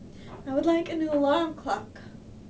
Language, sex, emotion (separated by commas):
English, female, sad